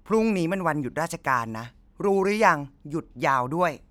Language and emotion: Thai, frustrated